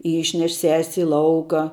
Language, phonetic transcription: Lithuanian, ˈyšneš ses' i ˈlauką

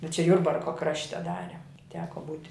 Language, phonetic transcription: Lithuanian, bet čia ˈjurbarko ˈkrašte ˈdare ˈteko ˈbūti

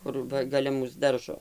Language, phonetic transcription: Lithuanian, ˈkur ˈva gaˈle ˈmūs ˈdaržo

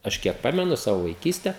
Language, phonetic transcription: Lithuanian, ˈaš kiek ˈpamenu ˈsavo vaiˈkyste

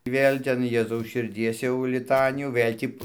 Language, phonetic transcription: Lithuanian, ˈvėl' ˈten ˈjėzaus širˈdies jau liˈtanijų ˈvɘl' tį

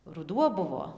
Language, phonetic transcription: Lithuanian, ruˈduo ˈbuvo

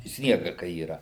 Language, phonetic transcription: Lithuanian, ˈsniega kai yˈra

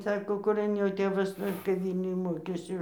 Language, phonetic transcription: Lithuanian, ˈsako kuˈran jo ˈtėvas ˈnu ir kap ˈvylniuj ˈmokėsi

